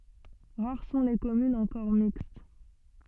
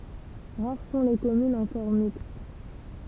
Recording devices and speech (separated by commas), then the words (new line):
soft in-ear microphone, temple vibration pickup, read sentence
Rares sont les communes encore mixtes.